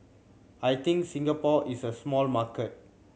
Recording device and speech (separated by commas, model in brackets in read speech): mobile phone (Samsung C7100), read sentence